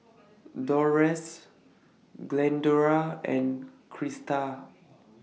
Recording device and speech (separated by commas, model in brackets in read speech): mobile phone (iPhone 6), read sentence